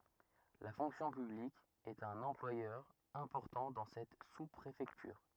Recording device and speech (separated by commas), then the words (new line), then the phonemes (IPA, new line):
rigid in-ear microphone, read sentence
La fonction publique est un employeur important dans cette sous-préfecture.
la fɔ̃ksjɔ̃ pyblik ɛt œ̃n ɑ̃plwajœʁ ɛ̃pɔʁtɑ̃ dɑ̃ sɛt su pʁefɛktyʁ